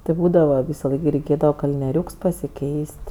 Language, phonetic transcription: Lithuanian, ti ˈbūdava ˈvysaˌlaik gi reiˈkėdava kalnieˈriūks pasiˈkeis't'

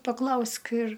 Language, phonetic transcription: Lithuanian, paˈklausk ir

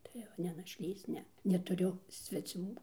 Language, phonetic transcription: Lithuanian, ˈtai jau ne našˈlys ˈne netuˈriu sveˈcių

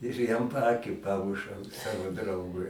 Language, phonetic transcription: Lithuanian, ir ˈjam paˈakį ˈpamušau ˈsavo ˈdraugui

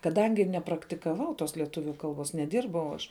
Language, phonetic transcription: Lithuanian, kaˈdangi nepraktikaˈvau tos lieˈtuviu ˈkalˌbuos neˈdirbau aš

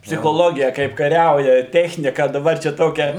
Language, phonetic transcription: Lithuanian, psichoˈlogija kaip kaˈriauja ˈtechnika daˈbar ˈčia ˈtokia

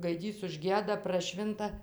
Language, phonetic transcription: Lithuanian, gaiˈdys užˈgieda praˈšvinta

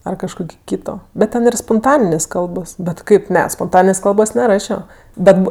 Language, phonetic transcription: Lithuanian, ar kažˈkoki ˈkyto bet ˈten ir sponˈtaninės ˈkalbos bet ˈkaip ˈne sponˈtaninės ˈkalbos neˈrašio ˈbet ˈbu

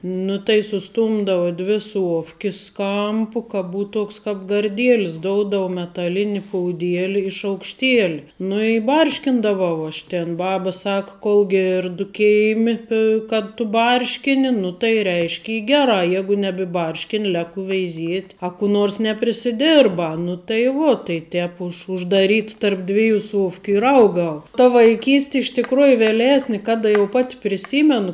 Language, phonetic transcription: Lithuanian, ˈnu tai suˈstumdavu ˈdvi ˈsuofkis ˈkampu ka ˈbūt ˈtuoks kap garˈdielis ˈdoudava metaˈlini pouˈdieli i šaukšˈtieli ˈnu i ˈbarškindavau aš ˈtėn ˈbaba ˈsaka kol ˈgėrdu ˈkėimi pi kad ˈtu ˈbarškini nu tai ˈreišk' ˈy ˈgeˌrā ˈjegu nebiˈbarškini ˈleku veiˈziet' a ku ˈnors neprisiˈdėrba nu tai ˈvuo tai ˈtēp už uždaˈryt tarp ˈdvijų ˈsuofkiu ir ˈaugau ta vaiˈkysti iš tikˈrųju vėˈlesni ˈkada jau pat' priˈsymenu

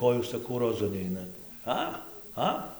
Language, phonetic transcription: Lithuanian, ˈko jūs saˈkau roˈzu ˈneinat ˈa ˈa

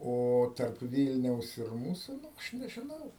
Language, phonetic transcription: Lithuanian, ˈo tarp ˈvylniaus ir ˈmūsu ˈaš nežiˈnau

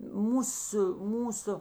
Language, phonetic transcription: Lithuanian, ˈmūsu ˈmūsu

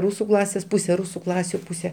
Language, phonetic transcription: Lithuanian, ˈrūsu ˈklasės ˈpūse ˈrūsu ˈklasiu ˈpūse

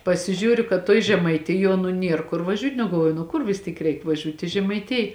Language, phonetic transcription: Lithuanian, pasiˈžiūriu kad tuoj žemaiˈtijuo nu ˈnier kur vaˈžiūt' nu galˈvuoju nu ˈkur vis ˈtyk ˈreik vaˈžiūt' i žemaiˈtij

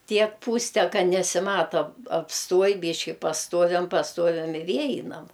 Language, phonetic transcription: Lithuanian, ˈtiek ˈpūste ˈka nesiˈmato apsˈtuoj ˈbyški pasˈtuoviam pasˈtuoviam i ˈvie ˈeinam

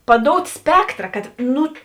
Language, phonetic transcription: Lithuanian, paˈdout' ˈspektra kad ˈnu

